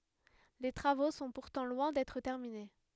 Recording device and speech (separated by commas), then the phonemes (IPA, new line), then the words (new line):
headset microphone, read sentence
le tʁavo sɔ̃ puʁtɑ̃ lwɛ̃ dɛtʁ tɛʁmine
Les travaux sont pourtant loin d'être terminés.